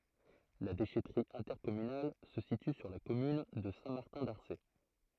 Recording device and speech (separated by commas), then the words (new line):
throat microphone, read sentence
La déchèterie intercommunale se situe sur la commune de Saint-Martin-d'Arcé.